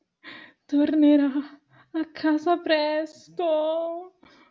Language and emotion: Italian, sad